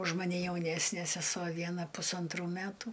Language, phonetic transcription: Lithuanian, už maˈne jauˈnesnė seˈsuo ˈviena pusanˈtrų ˈmætu

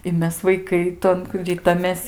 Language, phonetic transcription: Lithuanian, i ˈmes vaiˈkai ˈton ˈritamės

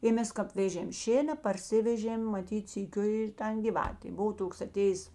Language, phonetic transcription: Lithuanian, i ˈmes kap ˈvėžėm ˈšėna parˈsivežėm maˈtyt syˈkiu ir ˈtan ˈgivatė ˈbuvo ˈtoks aˈtėjės

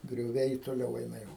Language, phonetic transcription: Lithuanian, grioˈviai toˈliau ˈeina ˈjau

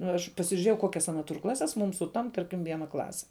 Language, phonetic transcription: Lithuanian, nu ir aš pasižiuˈrėjau ˈkokias ˈana tur ˈklases mūm suˈtamp ˈtarkim ˈviena ˈklase

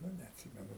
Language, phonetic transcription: Lithuanian, ˈnu neatˈsimenu

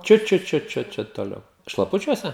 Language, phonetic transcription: Lithuanian, ˈčiut ˈčiut ˈčiut čiut toˈliau šlaˈpučiuose

